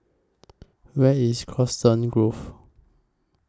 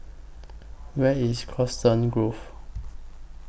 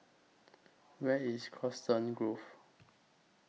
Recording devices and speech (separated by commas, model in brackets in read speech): close-talking microphone (WH20), boundary microphone (BM630), mobile phone (iPhone 6), read sentence